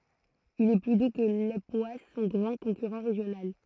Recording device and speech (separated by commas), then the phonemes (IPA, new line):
throat microphone, read sentence
il ɛ ply du kə lepwas sɔ̃ ɡʁɑ̃ kɔ̃kyʁɑ̃ ʁeʒjonal